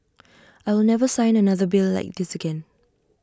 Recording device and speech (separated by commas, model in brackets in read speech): standing microphone (AKG C214), read sentence